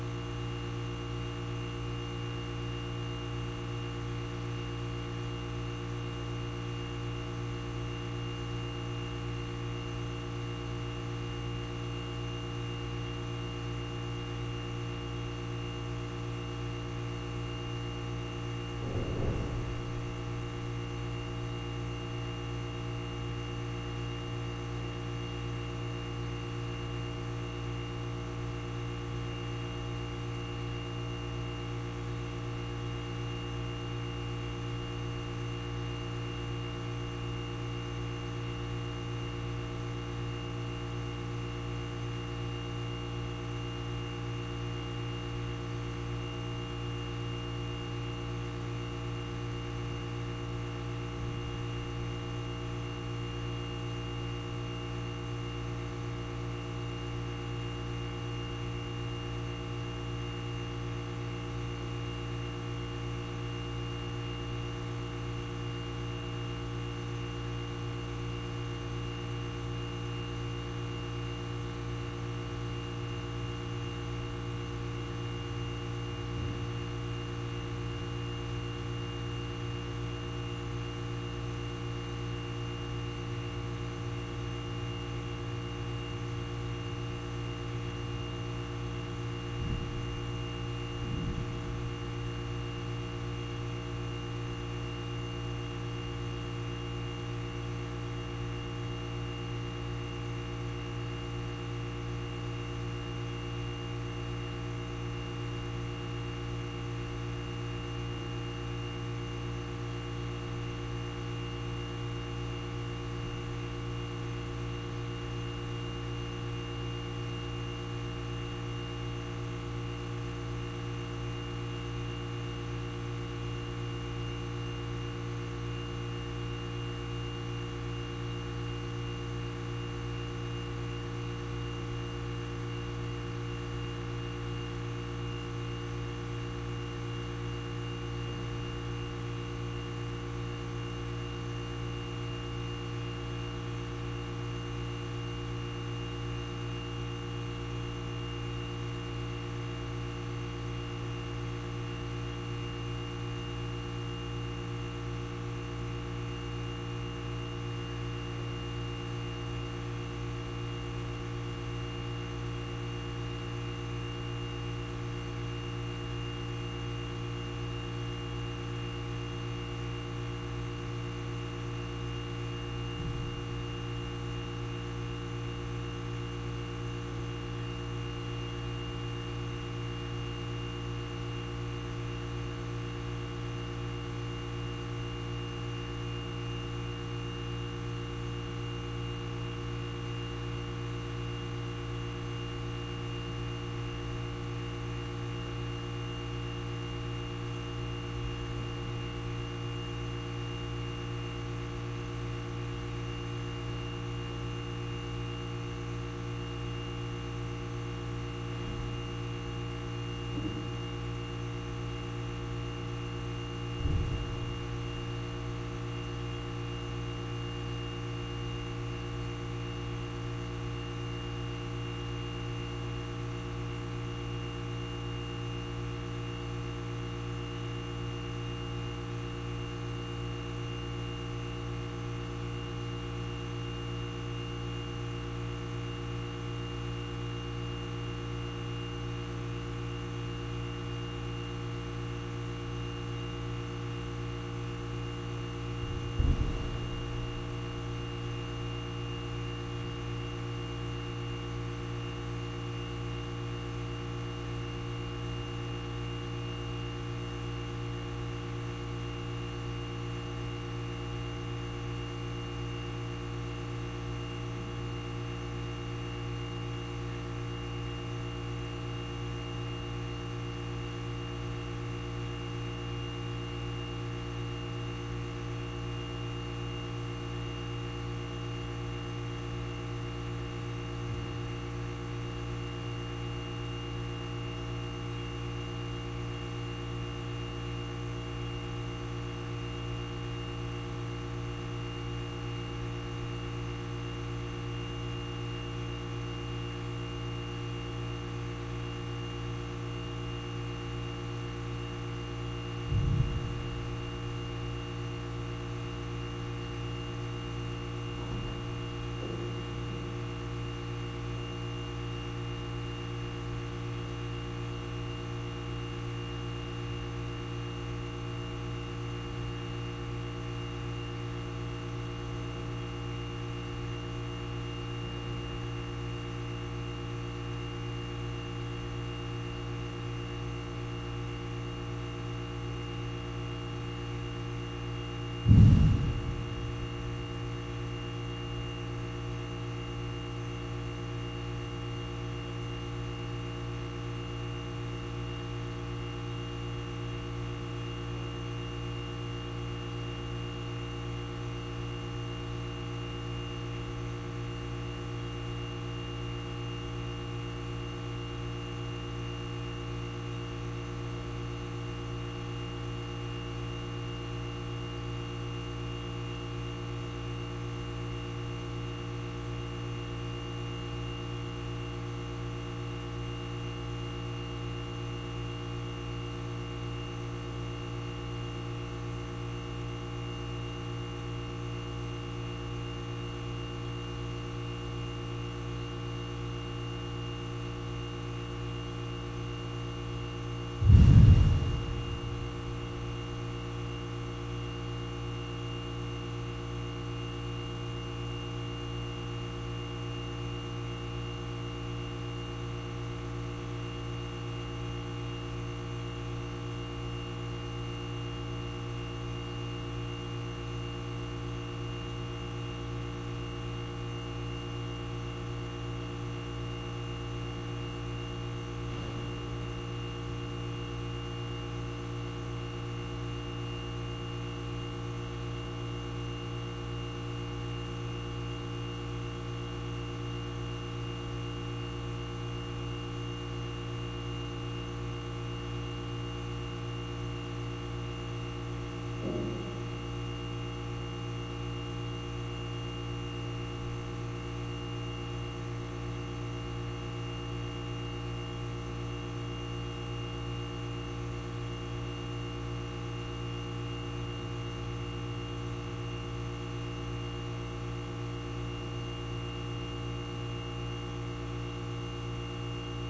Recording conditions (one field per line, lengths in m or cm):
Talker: no one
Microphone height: 1.7 m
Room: very reverberant, large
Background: none